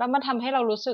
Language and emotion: Thai, frustrated